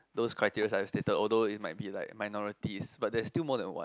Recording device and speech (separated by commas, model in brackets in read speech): close-talking microphone, conversation in the same room